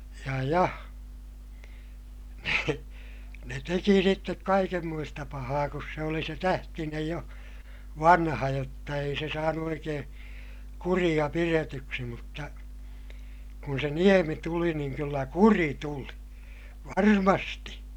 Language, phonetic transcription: Finnish, ja ja , ne , ne teki sittek kaikemmoista pahaa kus se oli se Tähtinej jo , vanha jotta ei se saanu oikeè , kuriʲa piretyksi mutta , kun se Niemi tuli niiŋ kyllä kuri tuli , varmasti .
- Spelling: ja ja ne ne teki sitten kaikenmoista pahaa kun se oli se Tähtinen jo vanha jotta ei se saanut oikein kuria pidetyksi mutta kun se Niemi tuli niin kyllä kuri tuli varmasti

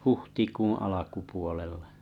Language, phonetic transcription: Finnish, - - "huhtikuṵ 'alakupuolella .
- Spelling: huhtikuun alkupuolella

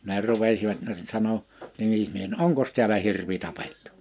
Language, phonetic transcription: Finnish, ne 'rupesivat no (se) 'sano , 'nimismies » no "’oŋkos tiälä 'hirvi 'tapettu ? «
- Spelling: ne rupesivat no se sanoi nimismies no onkos täällä hirvi tapettu

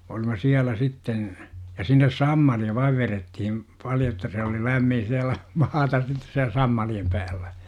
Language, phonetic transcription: Finnish, ja sinnes "sammali₍a 'vaiv verettihim , 'paljo että se oli 'lämmin̬ siälä , 'maatas sitte siäl 'sammaliem päällä .
- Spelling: ja sinne sammalia vain vedettiin paljon että se oli lämmin siellä maata sitten siellä sammalien päällä

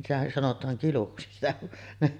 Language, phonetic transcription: Finnish, se sitä sanot̀aaŋ 'kiluksi sitä .
- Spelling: se sitä sanotaan kiluksi sitä

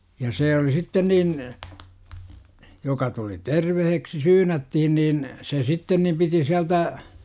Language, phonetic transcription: Finnish, ja 'see oli "sitten niin , joka tuli "terveheksi 'syynättihin niin , 'se sitten nim piti 'siältä , .
- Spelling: ja se oli sitten niin joka tuli terveeksi syynättiin niin se sitten niin piti sieltä

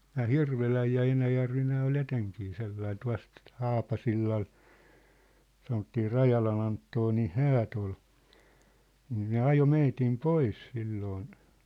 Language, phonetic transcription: Finnish, 'nää "Hirveläj ja 'Enäjärvi 'nää ol "eteŋkii sellai 'tua̭st , "Haapasillal , sanottii "Rajalan ‿Anttonin̬ "häät ‿ol , niin ne "ajo 'meitim "pois silloon .
- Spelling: nämä Hirvelä ja Enäjärvi nämä oli etenkin sellainen tuosta Haapasillalla sanottiin Rajalan Anttonin häät oli niin ne ajoi meidät pois silloin

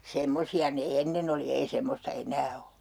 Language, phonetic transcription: Finnish, "semmosi₍a ne "ennen ‿oli ei 'semmosta "eǹää o .
- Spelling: semmoisia ne ennen oli ei semmoista enää ole

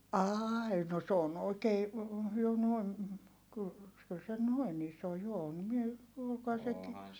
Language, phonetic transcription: Finnish, aai no s ‿oon oikee , jo noi̮n , kyl , kyl se noin ‿iso jo on mie , (puhukoha seki) ,.
- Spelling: ai no se on oikein jo noin kyllä kyllä se noin iso jo on minä puhuikohan sekin

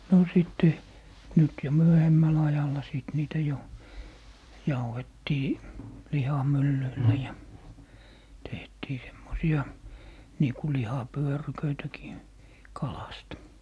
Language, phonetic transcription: Finnish, 'no 'sitte , 'nyt jo 'myöhemmä'l ‿ajal̀a sìt 'niitä jo , 'jauhettii , 'lihamyllyillä ja , 'tehtii semmosi₍a , nii ku "liha'pyöryköitäkii , "kalast .
- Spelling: no sitten nyt jo myöhemmällä ajalla sitten niitä jo jauhettiin lihamyllyillä ja tehtiin semmoisia niin kuin lihapyöryköitäkin kalasta

